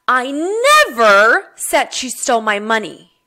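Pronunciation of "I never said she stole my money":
The word 'never' is stressed.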